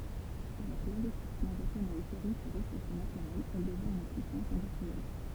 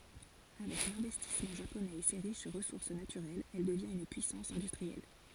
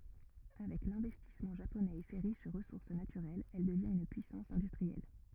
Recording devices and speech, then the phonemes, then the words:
temple vibration pickup, forehead accelerometer, rigid in-ear microphone, read sentence
avɛk lɛ̃vɛstismɑ̃ ʒaponɛz e se ʁiʃ ʁəsuʁs natyʁɛlz ɛl dəvjɛ̃t yn pyisɑ̃s ɛ̃dystʁiɛl
Avec l'investissement japonais et ses riches ressources naturelles, elle devient une puissance industrielle.

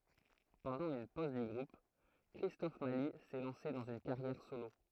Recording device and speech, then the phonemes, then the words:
throat microphone, read sentence
pɑ̃dɑ̃ yn poz dy ɡʁup kʁistɔf mali sɛ lɑ̃se dɑ̃z yn kaʁjɛʁ solo
Pendant une pause du groupe, Christophe Mali s'est lancé dans une carrière solo.

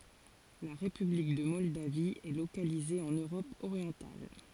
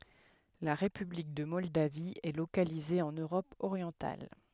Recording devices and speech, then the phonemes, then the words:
forehead accelerometer, headset microphone, read sentence
la ʁepyblik də mɔldavi ɛ lokalize ɑ̃n øʁɔp oʁjɑ̃tal
La république de Moldavie est localisée en Europe orientale.

